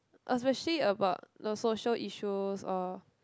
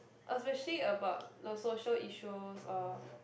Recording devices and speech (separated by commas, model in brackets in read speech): close-talking microphone, boundary microphone, conversation in the same room